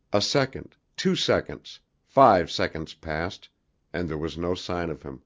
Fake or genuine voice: genuine